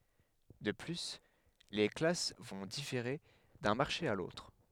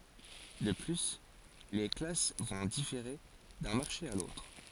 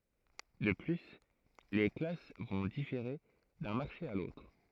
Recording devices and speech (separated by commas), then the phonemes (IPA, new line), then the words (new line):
headset microphone, forehead accelerometer, throat microphone, read sentence
də ply le klas vɔ̃ difeʁe dœ̃ maʁʃe a lotʁ
De plus, les classes vont différer d'un marché à l'autre.